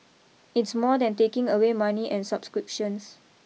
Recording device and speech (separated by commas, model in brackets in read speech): mobile phone (iPhone 6), read sentence